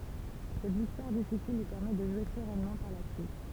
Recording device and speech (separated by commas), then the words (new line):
temple vibration pickup, read sentence
Cette victoire difficile lui permet de jouer sereinement par la suite.